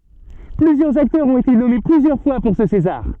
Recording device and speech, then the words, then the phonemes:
soft in-ear microphone, read sentence
Plusieurs acteurs ont été nommés plusieurs fois pour ce César.
plyzjœʁz aktœʁz ɔ̃t ete nɔme plyzjœʁ fwa puʁ sə sezaʁ

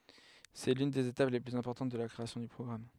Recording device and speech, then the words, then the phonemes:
headset microphone, read sentence
C'est l'une des étapes les plus importantes de la création d'un programme.
sɛ lyn dez etap le plyz ɛ̃pɔʁtɑ̃t də la kʁeasjɔ̃ dœ̃ pʁɔɡʁam

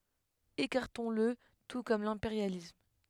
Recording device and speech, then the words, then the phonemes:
headset microphone, read sentence
Écartons-le tout comme l'impérialisme.
ekaʁtɔ̃sl tu kɔm lɛ̃peʁjalism

